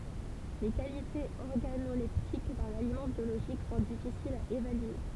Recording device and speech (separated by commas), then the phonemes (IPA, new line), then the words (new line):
temple vibration pickup, read sentence
le kalitez ɔʁɡanolɛptik dœ̃n alimɑ̃ bjoloʒik sɔ̃ difisilz a evalye
Les qualités organoleptiques d'un aliment biologique sont difficiles à évaluer.